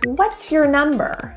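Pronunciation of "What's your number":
In "What's your number", "your" is reduced and sounds like "yer".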